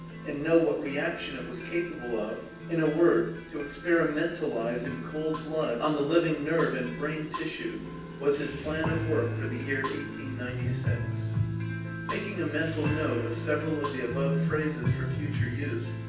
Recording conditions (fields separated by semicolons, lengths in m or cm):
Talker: one person; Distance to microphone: 9.8 m; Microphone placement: far; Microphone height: 1.8 m; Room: large; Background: music